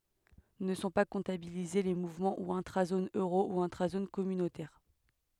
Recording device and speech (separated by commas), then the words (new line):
headset microphone, read sentence
Ne sont pas comptabilisés les mouvements ou intra-Zone Euro ou intra-zone communautaire.